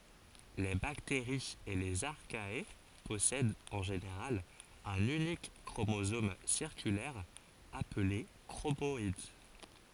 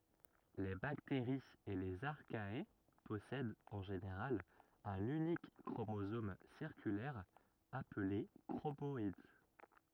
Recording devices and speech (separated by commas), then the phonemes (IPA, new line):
forehead accelerometer, rigid in-ear microphone, read sentence
le bakteʁiz e lez aʁkaɛa pɔsɛdt ɑ̃ ʒeneʁal œ̃n ynik kʁomozom siʁkylɛʁ aple kʁomɔid